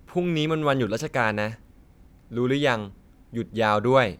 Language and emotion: Thai, neutral